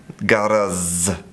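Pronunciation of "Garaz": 'Garage' is pronounced incorrectly here, without the voiced zh sound.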